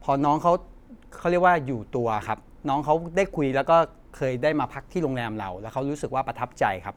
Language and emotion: Thai, happy